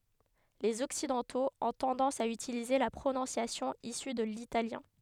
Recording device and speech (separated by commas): headset microphone, read sentence